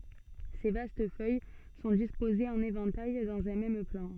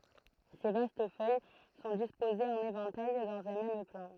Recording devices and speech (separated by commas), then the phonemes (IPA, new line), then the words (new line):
soft in-ear microphone, throat microphone, read sentence
se vast fœj sɔ̃ dispozez ɑ̃n evɑ̃taj dɑ̃z œ̃ mɛm plɑ̃
Ses vastes feuilles sont disposées en éventail, dans un même plan.